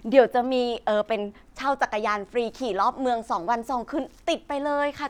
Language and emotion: Thai, happy